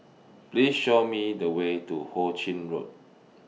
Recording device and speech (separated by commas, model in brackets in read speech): mobile phone (iPhone 6), read sentence